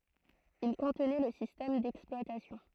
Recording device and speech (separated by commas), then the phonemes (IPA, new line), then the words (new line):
throat microphone, read sentence
il kɔ̃tnɛ lə sistɛm dɛksplwatasjɔ̃
Il contenait le système d'exploitation.